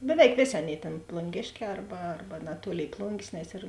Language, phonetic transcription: Lithuanian, beˈveik ˈvėˌsė ˈaˌnėi tėn plunˈgėšˌkē ˈarba ˈarba naˈtuolėi ˈplungės nes ir

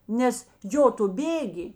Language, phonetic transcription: Lithuanian, ˈnes ˈjo tu ˈbėgi

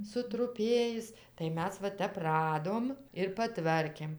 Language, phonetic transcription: Lithuanian, sutruˈpėjis tai ˈmes va ˈtep ˈradom ir paˈtvarkėm

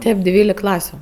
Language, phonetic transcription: Lithuanian, ˈtėp ˈdvylik ˈklasiu

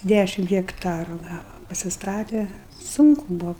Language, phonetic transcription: Lithuanian, ˈdæšim hekˈtaru ˈgava pasisˈtate ˈsunku ˈbuo

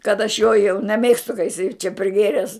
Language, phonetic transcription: Lithuanian, kad aš jo jau neˈmėgstu ka jiˈsai čia priˈgėres

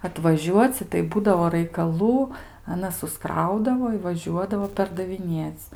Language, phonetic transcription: Lithuanian, atvaˈžiuoci tai ˈbūdavo raikaˈlų aˈnas susˈkraudavo i vaˈžiuodavo perdaviˈnėc

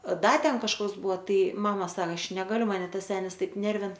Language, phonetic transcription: Lithuanian, ˈda ˈten kažˈkas ˈbuvo ˈtai ˈmama ˈsak ˈaš ˈnegaliu maˈne ˈtas ˈsenis ˈtaip ˈnervin

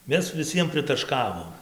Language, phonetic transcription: Lithuanian, ˈmes viˈsiem pritaˈškavom

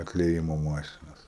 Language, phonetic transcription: Lithuanian, atlieˈjimo ˈmašinos

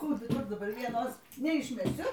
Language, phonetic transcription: Lithuanian, ˈkų duˈbur daˈbar ˈvienos neišmeˈsiu

